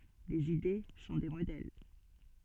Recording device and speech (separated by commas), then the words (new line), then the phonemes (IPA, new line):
soft in-ear microphone, read sentence
Les idées sont des modèles.
lez ide sɔ̃ de modɛl